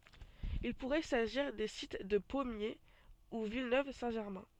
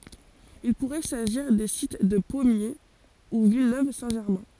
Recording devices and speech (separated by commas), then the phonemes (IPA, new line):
soft in-ear microphone, forehead accelerometer, read sentence
il puʁɛ saʒiʁ de sit də pɔmje u vilnøv sɛ̃ ʒɛʁmɛ̃